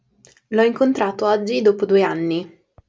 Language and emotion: Italian, neutral